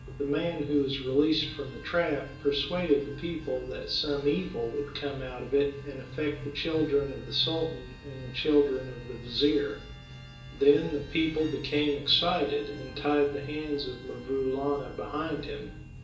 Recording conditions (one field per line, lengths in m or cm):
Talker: one person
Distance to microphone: 1.8 m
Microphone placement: close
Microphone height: 1.0 m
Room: large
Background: music